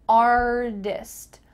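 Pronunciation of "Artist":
In 'artist', the middle t sounds like a d.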